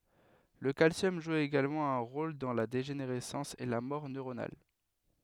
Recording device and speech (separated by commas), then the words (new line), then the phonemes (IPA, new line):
headset microphone, read sentence
Le calcium joue également un rôle dans la dégénérescence et la mort neuronale.
lə kalsjɔm ʒu eɡalmɑ̃ œ̃ ʁol dɑ̃ la deʒeneʁɛsɑ̃s e la mɔʁ nøʁonal